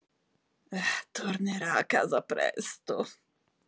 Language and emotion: Italian, disgusted